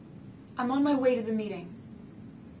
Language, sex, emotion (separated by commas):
English, female, neutral